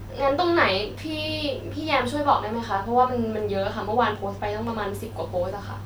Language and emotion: Thai, frustrated